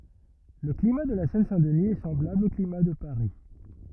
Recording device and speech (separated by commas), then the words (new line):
rigid in-ear microphone, read sentence
Le climat de la Seine-Saint-Denis est semblable au climat de Paris.